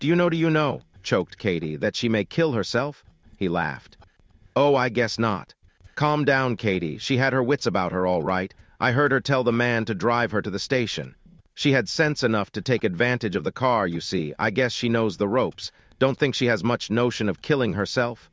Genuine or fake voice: fake